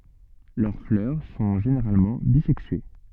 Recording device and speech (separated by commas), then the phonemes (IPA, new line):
soft in-ear microphone, read sentence
lœʁ flœʁ sɔ̃ ʒeneʁalmɑ̃ bizɛksye